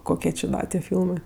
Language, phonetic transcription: Lithuanian, ˈkokie či ˈda tie ˈfylmɜ

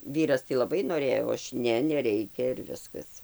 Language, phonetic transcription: Lithuanian, ˈvyras tai laˈbai noˈrėjo ˈaš ˈne neˈreikia ir ˈviskas

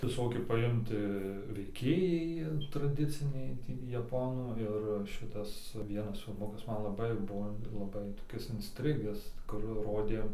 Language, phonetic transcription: Lithuanian, viˈsokie paˈimta veiˈkėjai traˈdiciniai ˈtį jaˈponų ˈir ˈšitas ˈvienas filˈmukas ˈman laˈbai ˈbuo laˈbai toˈkis insˈtrigęs kur ˈrodė

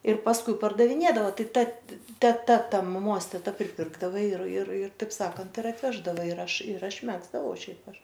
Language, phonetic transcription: Lithuanian, ir pasˈkui pardaviˈnėdava ˈtai ˈta teˈta ˈta maˈmos teˈta priˈpirkdava ir ir ir taip ˈsakant ir atˈveždava ir ˈaš ir ˈaš ˈmegzdavau ˈšiaip ˈaš

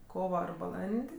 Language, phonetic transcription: Lithuanian, ˈkova ar baˈlan'd'

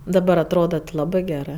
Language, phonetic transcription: Lithuanian, daˈbar atˈroda ti ˈlabɜ ˈgerɜ

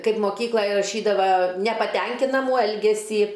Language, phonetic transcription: Lithuanian, ˈkaip moˈkyklaj raˈšydava nepaˈtenkinamų ˈelgesį

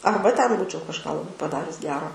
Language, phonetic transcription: Lithuanian, ˈarba ten ˈbūčiau kažˈką laˈbai paˈdarius ˈgero

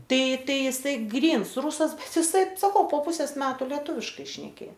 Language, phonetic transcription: Lithuanian, ˈtai ˈtai iˈsai ˈgryns ˈrusas bet iˈsai saˈkau po ˈpusės ˈmetu leˈtūviškai šneˈkė

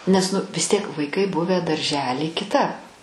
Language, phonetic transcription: Lithuanian, nes ˈnu vis ˈtiek vaiˈkai ˈbuvę darˈžely kiˈtap

